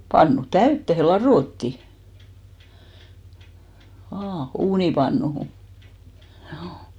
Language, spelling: Finnish, pannu täyteen ladottiin vain uunipannuun juu
- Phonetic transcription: 'pannu "täyttehe 'laròtti , '(v)aa , 'uunipannuhu , hjuu .

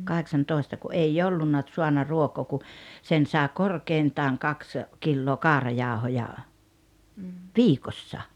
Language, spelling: Finnish, kahdeksantoista kun ei ollut saanut ruokaa kun sen sai korkeintaan kaksi kiloa kaurajauhoja viikossa
- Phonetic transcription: 'kaheksantòesta ku "’ei "ollunna , ᵗsuanna 'ruokoo ku , 'sen saaᵉ "korkeintaaŋ "kaks , 'killoo "kaarajaaᵒhoja , "viikossa .

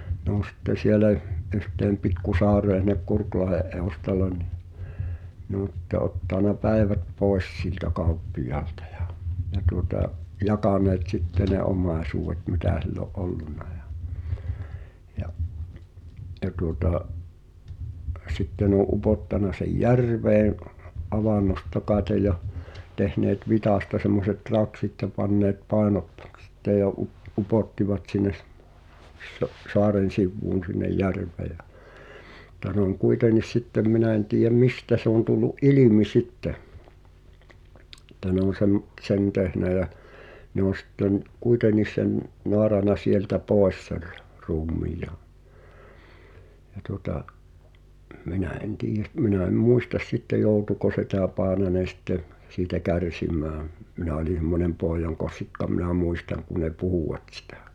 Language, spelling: Finnish, ne on sitten siellä yhteen pikku saareen sinne Kurkilahden edustalle niin ne on sitten ottanut päivät pois siltä kauppiaalta ja ja tuota jakaneet sitten ne omaisuudet mitä sillä oli ollut ja ja ja tuota sitten ne oli upottanut sen järveen avannosta kai ja tehneet vitsasta semmoiset raksit ja panneet painot sitten ja - upottivat sinne - saaren sivuun sinne järveen ja mutta se on kuitenkin sitten minä en tiedä mistä se on tullut ilmi sitten että ne on - sen tehnyt ja ne on sitten kuitenkin sen naarannut sieltä pois sen ruumiin ja ja tuota minä en tiedä - minä en muista sitten joutuiko se tämä Paananen sitten siitä kärsimään minä olin semmoinen pojankossikka minä muistan kun ne puhuvat sitä
- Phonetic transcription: ne ‿on̬ sitte 'sielä , ’yhteem 'pikku "sa̳a̳ree (s)in̆nek "Kurklahe’ ’eu̬stal̆len ni , nᵉ ‿on (s)ⁱtte ’ottàna "pä̀i̬vät 'pòi̬s siltä 'kauppijaaltᴀ ᴊᴀ , ja tuota’ , 'jakaneet "sitte ne 'om̳̀aesuuʷet mitä̀ sill ‿o’ '’ollunna ᴊᴀ , ja’ , ja tuŏta’ , ’sitte ne ‿o’ '’upottana sej "järveeḛ , '’avannosta 'kàete ja , 'tehneet "vitàsta semmoset 'raksit ja 'panneet "pàenot [sit]te ja up- , 'upòttivat sinnes , so’- , 'soaren̬ sivvuun sinnej "järv̆ve̳ j(ä) , [mut]t̀a (s)ᵉ ‿oŋ 'kuitenis "sittem 'minä en tiijäm "mistä se ‿on tullu’ "’ilimi 'sitte , [e]ttä ne ‿on̬ sem- , "t̳sen 'tehnä jä , ne ‿on̬ sⁱtten , "kuitenis̆ sen , 'noarana "sieltä 'pòes ser , 'ruum̆mii ja , ja tuŏta’ , '’minä en "tiije s- 'minä em "muistas sitte 'jòutuko se tää 'Paananen̬ sⁱtte , siitä "kärsim̀ääm , minä oĺi (s)emmonem 'pòi̬jaŋkossikka minä 'muistaŋ kun̆ ne "puhùwat sⁱtᴀ̈̀ .

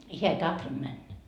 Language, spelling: Finnish, hän ei tahtonut mennä
- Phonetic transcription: 'heä ei "tahtonD männä .

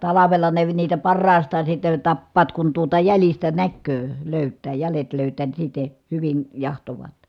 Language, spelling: Finnish, talvella ne niitä parhaastaan sitten tappavat kun tuota jäljistä näkee löytää jäljet löytää niin sitten hyvin jahtaavat
- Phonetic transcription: talavela ne niitä parraastaan sitten̬ tappaat kun tuota jälistä näkköö , lö̀yttää , jälet lö̀yt̀ää ni sitte , hyvin , jahtovaat .

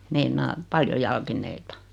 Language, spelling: Finnish, meinaan paljon jalkineita
- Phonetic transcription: 'meinaa , 'paljo jalkin̆neita .

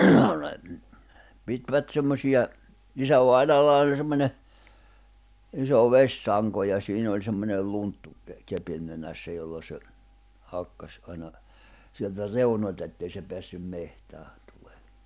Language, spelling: Finnish, no ne pitivät semmoisia isävainajalla oli semmoinen iso vesisanko ja siinä oli semmoinen lunttu - kepin nenässä jolla se hakkasi aina sieltä reunoilta että ei se päässyt metsään tulemaan
- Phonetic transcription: no ne , 'pitvä"t semmośiʲa , 'isävainaalla oĺ semmońe , iso 'veśsaŋko ja 'siin ‿oĺ semmonel 'lunttu ke- 'kepin nenässä jolla se , 'hakkas ’aina , sieltä "reunoĺta ettei se peässym 'mehtääɴ tᴜʟᴇᴇ .

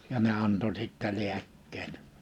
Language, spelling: Finnish, ja ne antoi sitten lääkkeet
- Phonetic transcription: ja ne 'anto 'sittä 'liäkkeet .

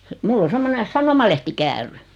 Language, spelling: Finnish, minulla on semmoinen sanomalehtikäärö
- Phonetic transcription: 'mull ‿o 'semmone "sanomalehtikäär(ö) .

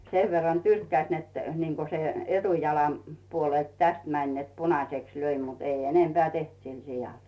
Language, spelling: Finnish, sen verran tyrkkäsi että niin kuin se etujalan puolelta tästä meni että punaiseksi löi mutta ei enempää tehnyt sille sialle
- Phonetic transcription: 'sev verran "tyrkkäⁱs net , niiŋko se , 'etujalam , puolelt "täst mäń net 'punaseks löi mutt ‿'ei 'enempeä̀ "teht sil 'sijal .

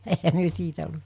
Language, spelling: Finnish, eihän me siitä
- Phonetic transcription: e₍ehä myö 'siitä .

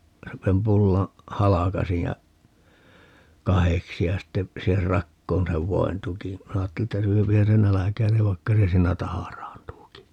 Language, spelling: Finnish, sen pullan halkaisin ja kahdeksi ja sitten siihen rakoon sen voin tukin minä ajattelin että syöhän se nälkäinen vaikka se siinä tahraantuukin
- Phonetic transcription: sem 'pullaa̰ , "halakasij ja , "kaheksi ja 'sitte , 'siiher "rakkoon 'sev "voin 'tukiḭ , 'minä aatteli että 'syöpihän se "näläkäi̮nev 'vaikka se 'siinä "taharaantuuki .

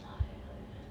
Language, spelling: Finnish, ai ai
- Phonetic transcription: ai jai .

